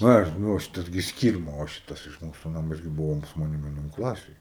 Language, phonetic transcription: Lithuanian, ˈa ˈnu va ˈšitas gi ˈskyrma o ˈšitas iš ˈmūsu ˈnamo ˈjis gi ˈbuvo su maˈnim vieˈnon ˈklasėj

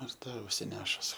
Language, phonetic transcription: Lithuanian, ir ˈta užsiˈnešus

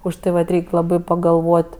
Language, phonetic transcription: Lithuanian, už ˈtai vat ˈreik' ˈlabai pagalˈvot'

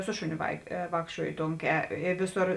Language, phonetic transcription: Lithuanian, ˈsu šuˌnio vai ˈvākščiuojo ˈtonˌkē i ˈviˌsor

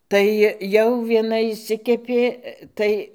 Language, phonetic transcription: Lithuanian, ˈtai jau vieˈna išˈsikepė ˈtai

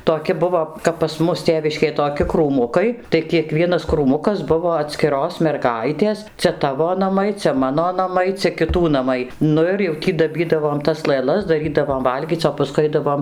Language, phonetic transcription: Lithuanian, toˈki ˈbuvo kap pas ˈmus ˈtėviškėj toˈki krūˈmukai tai kieˈkvienas krūˈmukas ˈbuvo atskiˈros merˈgaitės ˈcia ˈtavo naˈmai ˈcia ˈmano ˈnamai ˈcia kiˈtų naˈmai ˈnu ir jau ˈtį daˈbydavom tas lɘˈlas daˈrydavom ˈvalgyc o paˈskui ˈaidavom

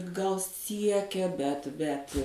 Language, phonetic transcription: Lithuanian, gal ˈsiekia bet bet

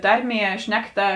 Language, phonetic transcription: Lithuanian, ˈtarˌmie ˈšnekˌta

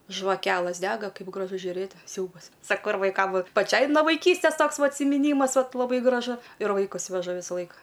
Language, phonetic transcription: Lithuanian, žvaˈkelɘs ˈdega ˈkaip graˈžu žiuˈrėt ˈsiaubas ˈsako ir vaiˈkam ˈvat paˈčiai no vaiˈkystės ˈtoks va atsimiˈnymas ˈvat laˈbai graˈžu ir vaiˈkus veˈžu ˈvisa ˈlaika

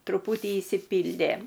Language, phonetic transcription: Lithuanian, truˈputį išsiˈpyldė

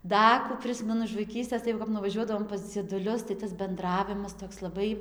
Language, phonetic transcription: Lithuanian, ˈda kų ˈprismenu iš vaiˈkystės tai jau kap nuvaˈžiuodavom pas dzieduˈlius tai tas benˈdravimas ˈtoks laˈbai

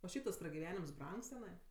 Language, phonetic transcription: Lithuanian, o ˈšiaip tas pragiˈvenims ˈbrangs teˈnai

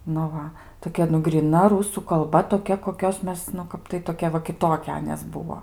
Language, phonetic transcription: Lithuanian, nu ˈva toˈkia nu gryˈna ˈrūsų kalˈba toˈkia koˈkios ˈmes nu ˈkap tai toˈkia va kiˈtokia ˈanės ˈbuvo

